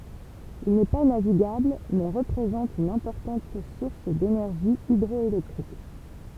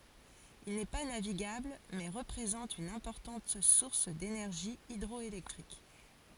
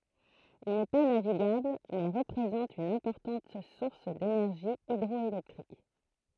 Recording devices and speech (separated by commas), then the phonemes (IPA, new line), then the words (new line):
temple vibration pickup, forehead accelerometer, throat microphone, read sentence
il nɛ pa naviɡabl mɛ ʁəpʁezɑ̃t yn ɛ̃pɔʁtɑ̃t suʁs denɛʁʒi idʁɔelɛktʁik
Il n'est pas navigable mais représente une importante source d'énergie hydroélectrique.